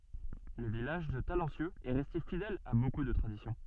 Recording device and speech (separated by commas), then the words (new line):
soft in-ear microphone, read sentence
Le village de Talencieux est resté fidèle à beaucoup de traditions.